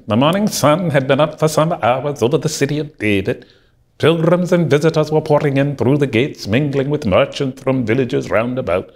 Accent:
Scots accent